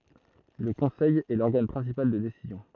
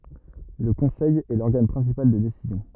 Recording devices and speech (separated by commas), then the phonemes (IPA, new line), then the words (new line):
throat microphone, rigid in-ear microphone, read sentence
lə kɔ̃sɛj ɛ lɔʁɡan pʁɛ̃sipal də desizjɔ̃
Le Conseil est l'organe principal de décision.